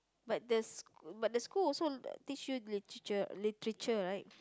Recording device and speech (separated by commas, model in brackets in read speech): close-talking microphone, conversation in the same room